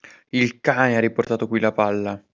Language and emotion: Italian, angry